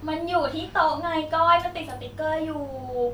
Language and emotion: Thai, frustrated